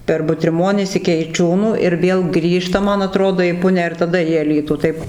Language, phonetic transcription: Lithuanian, per butriˈmonis iki eiˈčiūnų ir ˈvėl ˈgrįžta ˈman aˈtrodo į ˈpunią ir taˈda į aˈlytų ˈtaip

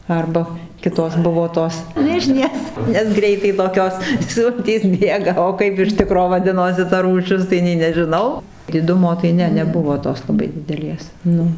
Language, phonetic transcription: Lithuanian, ˈarba ˈkitos ˈbuvo ˈtos ˈmižnės nes ˈgreitai toˈkios ˈsultys ˈbėga o ˈkaip ir ˈtikro vaˈdinosi ta rūˈšis tai ˈnei nežiˈnau diˈdumo tai ˈne neˈbuvo ˈtos laˈbai dideˈlės ˈnu

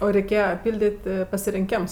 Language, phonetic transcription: Lithuanian, ˈo reiˈkėja ˈpildit' pasirinˈkems

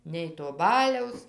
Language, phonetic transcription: Lithuanian, nei to ˈbaliaus

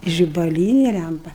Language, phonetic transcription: Lithuanian, žibaˈlynė ˈlæmpa

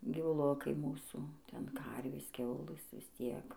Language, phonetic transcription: Lithuanian, gyvuˈlukai ˈmūsų ˈten ˈkarvės ˈkiaulɘs vis ˈtiek

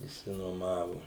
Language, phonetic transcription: Lithuanian, išsinuoˈmavu

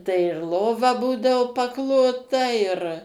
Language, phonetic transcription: Lithuanian, tai ir ˈlova ˈbūdavo paˈklota ir

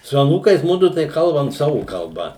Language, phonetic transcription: Lithuanian, su aˈnūkais ˈmudu tai ˈkalbam ˈsavu kalˈba

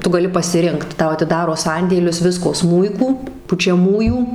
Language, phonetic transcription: Lithuanian, ˈtu gaˈli pasiˈrinkt ˈtau atiˈdaro ˈsandėlius ˈvisko ˈsmūikų pučiaˈmųjų

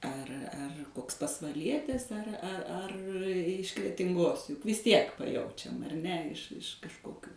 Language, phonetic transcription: Lithuanian, ar ar ˈkoks pasvaˈlietis ar ar iš kretinˈgos juk vis ˈtiek paˈjaučiam ar ˈne iš iš kažˈkokių

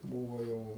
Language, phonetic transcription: Lithuanian, ˈbūvo ˈjau

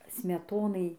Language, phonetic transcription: Lithuanian, smeˈtonai

